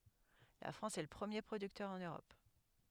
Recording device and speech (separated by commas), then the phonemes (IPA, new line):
headset microphone, read sentence
la fʁɑ̃s ɛ lə pʁəmje pʁodyktœʁ ɑ̃n øʁɔp